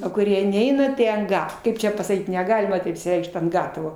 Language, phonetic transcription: Lithuanian, o kuˈrie ˈneina tai ant ˈga ˈkaip čia pasaˈkyt neˈgalima taip išsiˈreikšt ant ˈgatavo

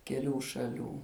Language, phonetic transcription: Lithuanian, keˈlių šaˈlių

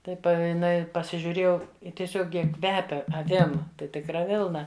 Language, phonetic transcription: Lithuanian, ˈtai pa jiˈnai pasižiuˈrėjau i tieˈsiog ˈjie ˈkvepia aˈvim tai tikˈra ˈvilna

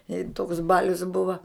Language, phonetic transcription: Lithuanian, i toks ˈbalius ˈbuva

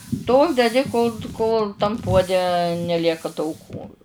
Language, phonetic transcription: Lithuanian, ˈtol deˈdi kol ˈkol tam ˈpuode neˈlieka tauˈkų

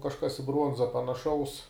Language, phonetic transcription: Lithuanian, kažˈkas i ˈbruonza panaˈšaus

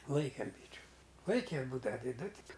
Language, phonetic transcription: Lithuanian, ˈlaikėm ˈbyčiu ˈlaike ˈbūdava ti ˈdu ˈtik

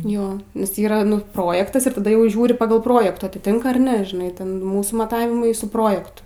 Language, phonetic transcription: Lithuanian, ˈjo nes ˈyra nu ˈprojektas ir taˈda ˈjau ˈžiūri ˈpagal ˈprojektų atiˈtink ar ˈne žiˈnai ˈten ˈmūsų maˈtavimai su ˈprojektu

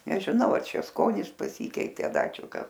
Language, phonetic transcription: Lithuanian, nežiˈnau a ˈčia ˈskonis paˈsykeitė a ˈda ˈčia ˈkas

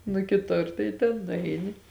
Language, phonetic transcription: Lithuanian, nu kiˈtur tai ten nuˈaini

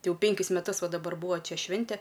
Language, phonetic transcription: Lithuanian, ti ˈjau ˈpenkis meˈtus ˈva daˈbar ˈbūa ˈčia ˈšvinte

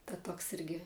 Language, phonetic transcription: Lithuanian, ta ˈtoks ˈirgi

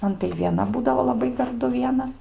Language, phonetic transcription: Lithuanian, ˈman tai vieˈna ˈbūdavo laˈbai garˈdu ˈvienas

